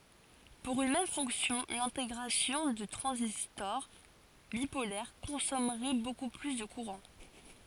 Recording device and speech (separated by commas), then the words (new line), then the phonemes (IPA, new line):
forehead accelerometer, read sentence
Pour une même fonction, l’intégration de transistors bipolaires consommerait beaucoup plus de courant.
puʁ yn mɛm fɔ̃ksjɔ̃ lɛ̃teɡʁasjɔ̃ də tʁɑ̃zistɔʁ bipolɛʁ kɔ̃sɔmʁɛ boku ply də kuʁɑ̃